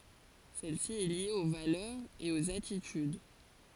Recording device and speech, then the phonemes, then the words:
forehead accelerometer, read sentence
sɛl si ɛ lje o valœʁz e oz atityd
Celle-ci est liée aux valeurs et aux attitudes.

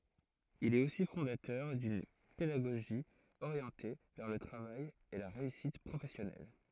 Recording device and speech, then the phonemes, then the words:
throat microphone, read sentence
il ɛt osi fɔ̃datœʁ dyn pedaɡoʒi oʁjɑ̃te vɛʁ lə tʁavaj e la ʁeysit pʁofɛsjɔnɛl
Il est aussi fondateur d’une pédagogie orientée vers le travail et la réussite professionnelle.

